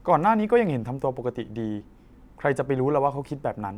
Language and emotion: Thai, frustrated